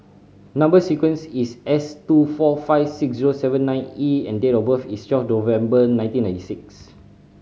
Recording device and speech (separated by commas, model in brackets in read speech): mobile phone (Samsung C5010), read sentence